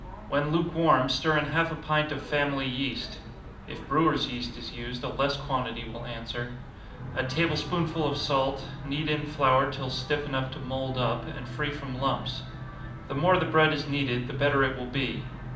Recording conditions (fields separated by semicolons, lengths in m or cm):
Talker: one person; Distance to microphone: 2.0 m; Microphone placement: close; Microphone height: 99 cm; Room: medium-sized (5.7 m by 4.0 m); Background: television